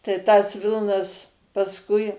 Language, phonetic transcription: Lithuanian, tai tas ˈvilnas pasˈkui

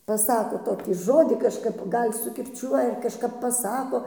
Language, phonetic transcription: Lithuanian, paˈsako ˈtokį ˈžodį kažˈkap ˈgal' sukirˈčiuoja ar kažˈkap paˈsako

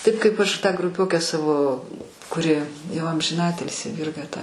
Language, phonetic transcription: Lithuanian, ˈtaip kaip ˈaš ˈtą gruˈpiokę ˈsavo kuˈri jau amžiˈnatilsi ˈvirga ta

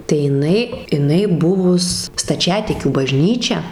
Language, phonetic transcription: Lithuanian, tai jiˈnai iˈnai ˈbuvus staˈčiatikių baˈžnyčia

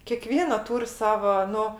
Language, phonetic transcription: Lithuanian, kėˈkviena ˈtūr' ˈsava ˈnu

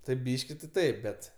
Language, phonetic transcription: Lithuanian, taip ˈbyški ti ˈtaip bet

